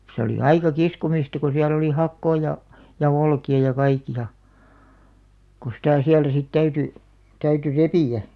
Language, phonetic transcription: Finnish, se oli "aika 'kiskomista ko 'siäl ‿oli 'hakkoo ja , ja 'olki₍a ja 'kaiki₍a , ko sitä̀ 'siältä sit 'täyty , 'täyty "repì₍ä .
- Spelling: se oli aika kiskomista kun siellä oli hakoa ja ja olkia ja kaikkia kun sitä sieltä sitten täytyi täytyi repiä

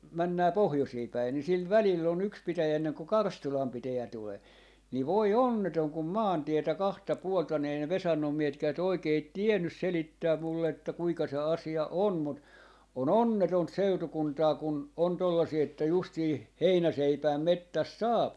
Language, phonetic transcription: Finnish, 'männää "pohjosii päin ni 'sil "välill ‿o'n ‿yks 'pitäjä enneŋ ku "Karstulam 'pitäjä 'tulee , nii "voi "onnetoŋ kum "maantietä 'kahta 'puolta ni ei ne 'Vesannom 'miehetkäät 'oikeit "tiennys 'selittääm mulle että 'kuiŋka se 'asi₍a "on mut , o"n ‿onnetont "seutukuntaa kun , 'on 'tollasii että 'justii "heinäseipääm "mettäst "saap .
- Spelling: mennään pohjoisiin päin niin sillä välillä on yksi pitäjä ennen kuin Karstulan pitäjä tulee niin voi onneton kun maantietä kahta puolta niin ei ne Vesannon miehetkään oikein tiennyt selittää minulle että kuinka se asia on mutta on onnetonta seutukuntaa kun on tuollaisia että justiin heinäseipään metsästä saa

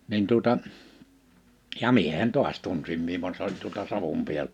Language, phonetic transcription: Finnish, nin tuᵒta , ja "miehen "toas 'tunsim mi(e) van s ‿oĺ tuolta 'Savom 'pi(äl-) ,.
- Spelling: niin tuota ja miehen taas tunsin minä vaan se oli tuolta Savon -

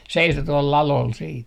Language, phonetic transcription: Finnish, "seiso tuol 'lalol siit .
- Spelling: seisoi tuolla ladolla sitten

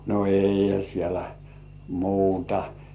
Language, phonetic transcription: Finnish, no "eihä 'sielᴀ̈ , 'muutᴀ .
- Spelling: no eihän siellä muuta

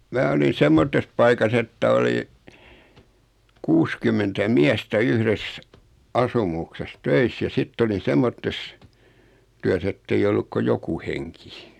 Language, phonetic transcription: Finnish, 'mää olin̬ 'semmottes paikas ‿että oli , 'kuskymmentä 'miästä "yhres , 'asumukses "töis ja 'sitt ‿olin̬ 'semmottes , 'tyäs ‿ettei 'olluk ko 'joku heŋki .
- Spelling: minä olin semmoisessa paikassa että oli kuusikymmentä miestä yhdessä asumuksessa töissä ja sitten olin semmoisessa työssä että ei ollut kuin joku henki

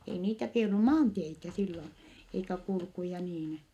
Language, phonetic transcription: Finnish, ei niitä k ‿ei ollu maanteitä sillon , eikä kulkuja niin .
- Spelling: ei niitä kun ei ollut maanteitä silloin eikä kulkuja niin

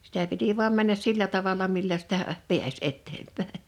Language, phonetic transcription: Finnish, sitä 'piti vu̬am 'männäs 'sillä 'tavala millä sitä , 'piäs 'ettempä̀e .
- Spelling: sitä piti vain mennä sillä tavalla millä sitä pääsi eteenpäin

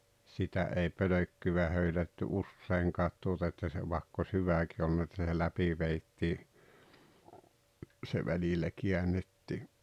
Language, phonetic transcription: Finnish, 'sitä ei "pölökkyvä 'höylätty "usseiŋkaat tuota että se 'vàekk ‿os "hyvä̀ki olˡᵘna et see 'läpi veittii , se 'välillä 'kiänettii .
- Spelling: sitä ei pölkkyä höylätty useinkaan tuota että se vaikka olisi hyväkin ollut että sen läpi vedettiin se välillä käännettiin

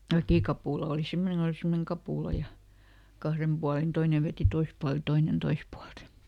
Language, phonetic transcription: Finnish, ˈväkìkapùla òli ˈsimmoneŋ kon ‿oli ˈsimmoneŋ "kapùla ja , ˈkahrem ˈBualin "toine ˈveti ˈtois pualt ja "toinen ˈtois pualt .
- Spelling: väkikapula oli semmoinen kun oli semmoinen kapula ja kahden puolin toinen veti toiselta puolelta ja toinen toiselta puolelta

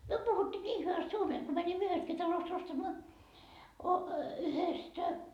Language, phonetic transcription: Finnish, 'myö puhuttii 'nii hyväst 'suomee et ko 'mänimmö 'yhestki talost 'ostamaa , yhestä ,.
- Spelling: me puhuttiin niin hyvästi suomea että kun menimme yhdestäkin talosta ostamaan yhdestä

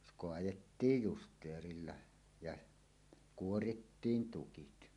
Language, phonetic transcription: Finnish, s- "koajettiij "just̀eerilla , ja "kuorittiin "tukit .
- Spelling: - kaadettiin justeerilla ja kuorittiin tukit

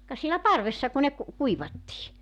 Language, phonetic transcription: Finnish, ka sielä "parvessa ku ne ku- , 'kuivattii .
- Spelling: ka siellä parvessa kun ne - kuivattiin

